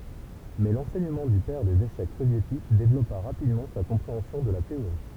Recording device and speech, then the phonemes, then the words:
temple vibration pickup, read sentence
mɛ lɑ̃sɛɲəmɑ̃ dy pɛʁ dez eʃɛk sovjetik devlɔpa ʁapidmɑ̃ sa kɔ̃pʁeɑ̃sjɔ̃ də la teoʁi
Mais l'enseignement du père des échecs soviétiques développa rapidement sa compréhension de la théorie.

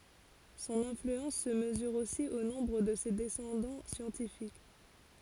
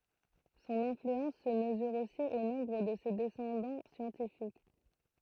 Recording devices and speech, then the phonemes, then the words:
forehead accelerometer, throat microphone, read sentence
sɔ̃n ɛ̃flyɑ̃s sə məzyʁ osi o nɔ̃bʁ də se dɛsɑ̃dɑ̃ sjɑ̃tifik
Son influence se mesure aussi au nombre de ses descendants scientifiques.

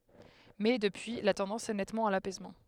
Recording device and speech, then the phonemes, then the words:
headset microphone, read sentence
mɛ dəpyi la tɑ̃dɑ̃s ɛ nɛtmɑ̃ a lapɛsmɑ̃
Mais, depuis, la tendance est nettement à l'apaisement.

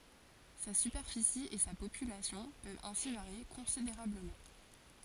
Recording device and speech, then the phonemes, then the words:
forehead accelerometer, read sentence
sa sypɛʁfisi e sa popylasjɔ̃ pøvt ɛ̃si vaʁje kɔ̃sideʁabləmɑ̃
Sa superficie et sa population peuvent ainsi varier considérablement.

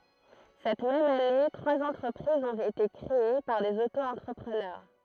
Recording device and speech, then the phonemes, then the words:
throat microphone, read sentence
sɛt mɛm ane tʁwaz ɑ̃tʁəpʁizz ɔ̃t ete kʁee paʁ dez oto ɑ̃tʁəpʁənœʁ
Cette même année, trois entreprises ont été créées par des auto-entrepreneurs.

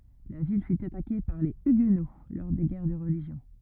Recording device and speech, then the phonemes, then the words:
rigid in-ear microphone, read sentence
la vil fy atake paʁ le yɡno lɔʁ de ɡɛʁ də ʁəliʒjɔ̃
La ville fut attaquée par les Huguenots, lors des guerres de Religion.

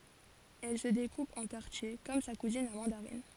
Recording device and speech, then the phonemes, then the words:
forehead accelerometer, read sentence
ɛl sə dekup ɑ̃ kaʁtje kɔm sa kuzin la mɑ̃daʁin
Elle se découpe en quartiers comme sa cousine la mandarine.

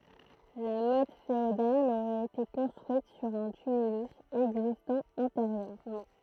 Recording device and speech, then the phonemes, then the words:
throat microphone, read sentence
la mɔt feodal oʁɛt ete kɔ̃stʁyit syʁ œ̃ tymylys ɛɡzistɑ̃ ɑ̃teʁjøʁmɑ̃
La motte féodale aurait été construite sur un tumulus existant antérieurement.

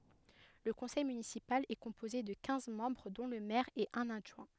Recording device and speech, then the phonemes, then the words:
headset microphone, read sentence
lə kɔ̃sɛj mynisipal ɛ kɔ̃poze də kɛ̃z mɑ̃bʁ dɔ̃ lə mɛʁ e œ̃n adʒwɛ̃
Le conseil municipal est composé de quinze membres dont le maire et un adjoint.

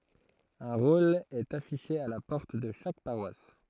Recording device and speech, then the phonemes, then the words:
throat microphone, read sentence
œ̃ ʁol ɛt afiʃe a la pɔʁt də ʃak paʁwas
Un rôle est affiché à la porte de chaque paroisse.

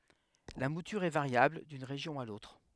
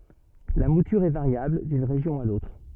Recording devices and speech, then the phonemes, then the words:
headset microphone, soft in-ear microphone, read sentence
la mutyʁ ɛ vaʁjabl dyn ʁeʒjɔ̃ a lotʁ
La mouture est variable d'une région à l'autre.

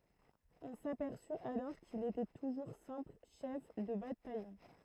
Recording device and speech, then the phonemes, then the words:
throat microphone, read sentence
ɔ̃ sapɛʁsy alɔʁ kil etɛ tuʒuʁ sɛ̃pl ʃɛf də batajɔ̃
On s'aperçut alors qu'il était toujours simple chef de bataillon.

